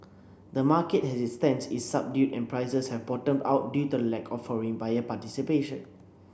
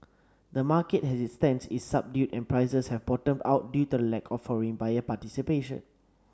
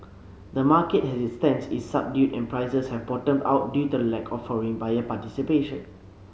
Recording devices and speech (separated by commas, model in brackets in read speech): boundary microphone (BM630), standing microphone (AKG C214), mobile phone (Samsung C7), read sentence